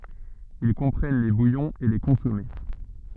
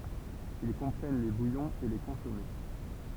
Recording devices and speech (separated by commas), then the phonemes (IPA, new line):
soft in-ear microphone, temple vibration pickup, read sentence
il kɔ̃pʁɛn le bujɔ̃z e le kɔ̃sɔme